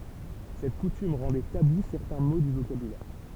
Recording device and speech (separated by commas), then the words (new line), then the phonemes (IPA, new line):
temple vibration pickup, read sentence
Cette coutume rendait tabous certains mots du vocabulaire.
sɛt kutym ʁɑ̃dɛ tabu sɛʁtɛ̃ mo dy vokabylɛʁ